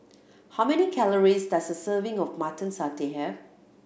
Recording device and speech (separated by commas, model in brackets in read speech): boundary microphone (BM630), read sentence